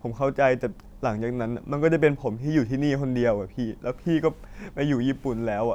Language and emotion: Thai, sad